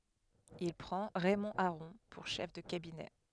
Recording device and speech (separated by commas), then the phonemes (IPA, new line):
headset microphone, read sentence
il pʁɑ̃ ʁɛmɔ̃ aʁɔ̃ puʁ ʃɛf də kabinɛ